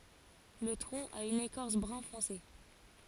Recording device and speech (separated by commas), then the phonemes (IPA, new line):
forehead accelerometer, read sentence
lə tʁɔ̃ a yn ekɔʁs bʁœ̃fɔ̃se